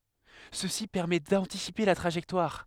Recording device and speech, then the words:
headset microphone, read sentence
Ceci permet d'anticiper la trajectoire.

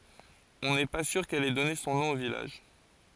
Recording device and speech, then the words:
forehead accelerometer, read sentence
On n’est pas sûr qu’elle ait donné son nom au village.

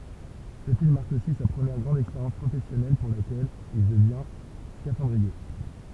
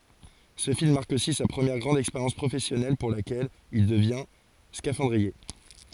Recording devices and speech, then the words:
temple vibration pickup, forehead accelerometer, read sentence
Ce film marque aussi sa première grande expérience professionnelle pour laquelle il devient scaphandrier.

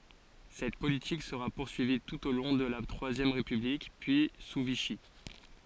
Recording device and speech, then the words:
forehead accelerometer, read sentence
Cette politique sera poursuivie tout au long de la Troisième République, puis sous Vichy.

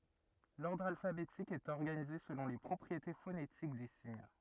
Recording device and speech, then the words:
rigid in-ear microphone, read sentence
L’ordre alphabétique est organisé selon les propriétés phonétiques des signes.

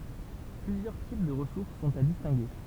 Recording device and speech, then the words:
temple vibration pickup, read sentence
Plusieurs types de ressources sont à distinguer.

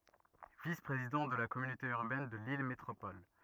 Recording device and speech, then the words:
rigid in-ear microphone, read sentence
Vice-Président de la communauté urbaine de Lille Métropole.

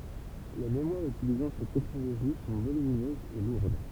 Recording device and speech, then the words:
temple vibration pickup, read sentence
Les mémoires utilisant cette technologie sont volumineuses et lourdes.

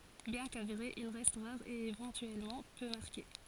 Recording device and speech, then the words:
forehead accelerometer, read sentence
Bien qu'avéré, il reste rare et éventuellement peu marqué.

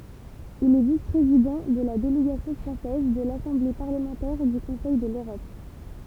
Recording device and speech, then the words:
temple vibration pickup, read sentence
Il est vice-président de la délégation française de l'Assemblée parlementaire du Conseil de l'Europe.

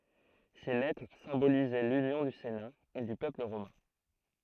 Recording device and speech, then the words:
throat microphone, read sentence
Ces lettres symbolisaient l'union du Sénat et du peuple romain.

